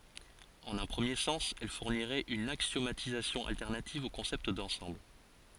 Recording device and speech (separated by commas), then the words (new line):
forehead accelerometer, read sentence
En un premier sens, elle fournirait une axiomatisation alternative au concept d’ensembles.